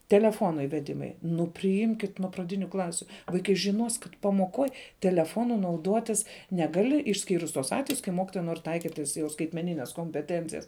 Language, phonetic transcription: Lithuanian, teleˈfono iveˈdimai nu priˈimkit nu praˈdiniu ˈklasiu vaiˈkai žiˈnos kad pamoˈkoj teleˈfonu nauˈduotis ˈneˌgali išˈskyrus tuos ˈatvejus kai ˈmokitoja nor' ˈtaikit' tas jau skaitmeˈnines kompeˈtencijas

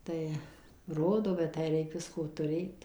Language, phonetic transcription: Lithuanian, ˈtai ˈrodo bet ˈtę ˈreik ˈvisko tuˈrėt

